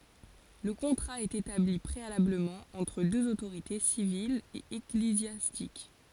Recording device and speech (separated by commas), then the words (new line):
forehead accelerometer, read sentence
Le contrat est établi préalablement entre deux autorités, civile et ecclésiastique.